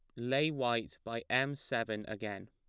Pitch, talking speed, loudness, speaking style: 115 Hz, 155 wpm, -35 LUFS, plain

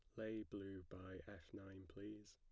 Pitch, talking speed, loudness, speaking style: 100 Hz, 170 wpm, -54 LUFS, plain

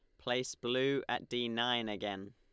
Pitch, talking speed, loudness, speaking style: 120 Hz, 170 wpm, -35 LUFS, Lombard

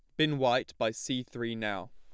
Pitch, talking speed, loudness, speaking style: 120 Hz, 210 wpm, -32 LUFS, plain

